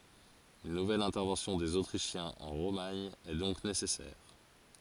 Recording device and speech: forehead accelerometer, read sentence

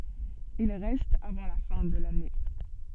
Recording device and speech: soft in-ear microphone, read sentence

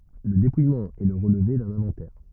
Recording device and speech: rigid in-ear microphone, read sentence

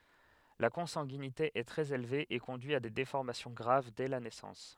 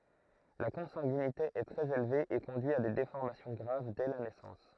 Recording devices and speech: headset microphone, throat microphone, read sentence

